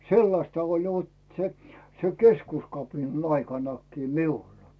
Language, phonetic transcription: Finnish, 'sellasta oĺ vot se , se 'keskuskapinan aikaǹakkii "miulᴀ .
- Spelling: sellaista oli vot se se keskuskapinan aikanakin minulla

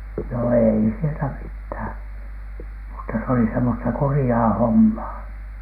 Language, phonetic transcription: Finnish, no 'ei sieltä "mithä̀n , mutta se oli semmosta "kurⁱjaa "hommaa .
- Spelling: no ei sieltä mitään mutta se oli semmoista kurjaa hommaa

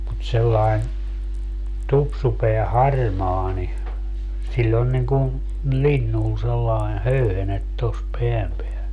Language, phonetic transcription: Finnish, mut sellai̮n , 'tupsupeä "harmaa ni , 'siĺĺ ‿on niŋ ku , "linnun sellai̮n "höyhenet tos 'peäm peäl .
- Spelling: mutta sellainen tupsupää harmaa niin sillä on niin kuin linnun sellainen höyhenet tuossa pään päällä

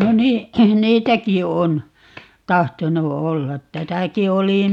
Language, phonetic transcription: Finnish, 'no 'nii , "niitäki 'on , 'tahtonu "ollat 'täsäki 'oli ,.
- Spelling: no niin niitäkin on tahtonut olla tässäkin oli

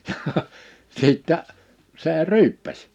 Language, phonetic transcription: Finnish, jhah , 'sìttä , 'see "ryyppäs .
- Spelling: ja sitten se ryyppäsi

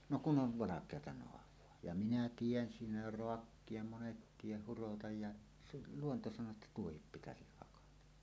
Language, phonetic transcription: Finnish, no kun ˀov "valak̀eata 'noav̀oa , ja minä "tien 'siinä jo "roakkie 'monet tieh hurotaj ja , se 'luonto saǹoo että "tuohip 'pitäsih 'hakata .
- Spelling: no kun on valkeaa naavaa ja minä teen siinä jo raakkia monet teen hurotan ja se luonto sanoo että tuohi pitäisi hakata

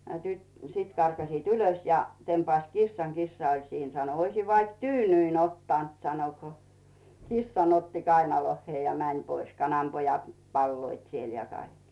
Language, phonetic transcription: Finnish, ja tyt- , 'sit karkasiit "ylos ja , "tempaⁱst "kissaŋ "kissa oĺ 'siin sano » 'oisiv vaik "tyynyin ottant « sano ko , "kissan otti "kainolohhiè ja 'mäń pois , 'kanampojat , palloit siel ja 'kaik .
- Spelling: ja - sitten karkasivat ylös ja tempaisivat kissan kissa oli siinä sanoi olisi vaikka tyynyn ottanut sanoi kun kissan otti kainaloihinsa ja meni pois kananpojat paloivat siellä ja kaikki

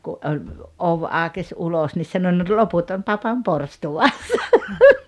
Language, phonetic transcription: Finnish, ku 'oĺ , "ov 'a°kes "ulos nis 'sano » no "loput on 'papam "porstuwassa « .
- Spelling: kun oli ovi aukesi ulos niin sanoi no loput on papan porstuassa

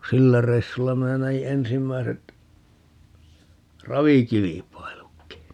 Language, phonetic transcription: Finnish, "sillä 'reissulla 'minä näji 'ensimmäiset , "ravikilipailukki .
- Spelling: sillä reissulla minä näin ensimmäiset ravikilpailutkin

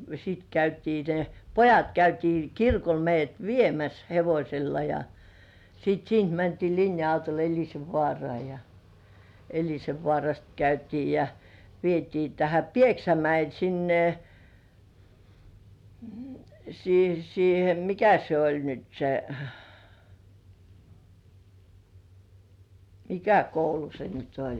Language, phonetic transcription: Finnish, sit käytii ne , "pojat 'käytii "kirkol meij̆§jät "viemäs hevośella ja , sit "siint mäntii 'linja₍autol "Eĺisevvŏàrŏà ja , 'Eĺisevvŏàrast käytii ja , vietii tähä "Pieksämäil 'sinne , sii- siihe , "mikä se oĺ nyt 'se , "mikä 'koulu se nyt 'oĺ .
- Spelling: sitten käytiin ne pojat käytiin kirkolla meidät viemässä hevosella ja sitten siitä mentiin linja-autolla Elisenvaaraan ja Elisenvaarasta käytiin ja vietiin tähän Pieksämäelle sinne - siihen mikä se oli nyt se mikä koulu se nyt oli

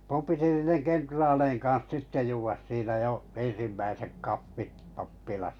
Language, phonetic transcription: Finnish, 'mum piti 'niineŋ "kentraaleiŋ kaa̰s 'sitte 'juvas siinä 'jo , 'en̬simmäisek 'kaffit 'pappilasᴀ .
- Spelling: minun piti niiden kenraalien kanssa sitten juoda siinä jo ensimmäiset kahvit pappilassa

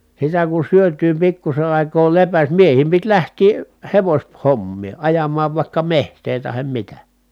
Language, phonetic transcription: Finnish, sitä kun̬ syötyy pikkuse ài̮koo lepäs miehiim pit lähtii , hevoś- , -hommii ajam̀aav vàikka meht̀ee tahem mitä .
- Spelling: sitä kun syötyä pikkuisen aikaa lepäsi miehien piti lähteä - hevoshommiin ajamaan vaikka metsää tai mitä

